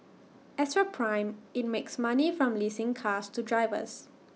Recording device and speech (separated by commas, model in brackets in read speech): mobile phone (iPhone 6), read sentence